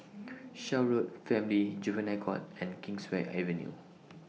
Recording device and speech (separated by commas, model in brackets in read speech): mobile phone (iPhone 6), read sentence